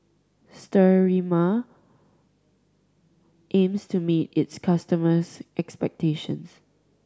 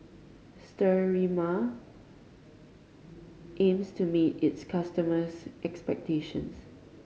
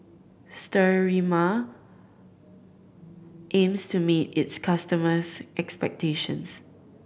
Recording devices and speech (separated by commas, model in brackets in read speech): standing microphone (AKG C214), mobile phone (Samsung C5010), boundary microphone (BM630), read sentence